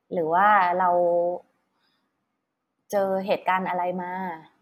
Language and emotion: Thai, neutral